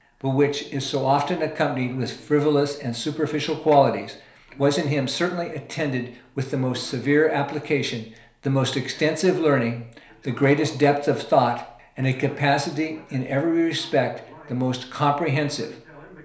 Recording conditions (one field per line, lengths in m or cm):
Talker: one person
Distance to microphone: 1.0 m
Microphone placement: close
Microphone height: 1.1 m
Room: small (3.7 m by 2.7 m)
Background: television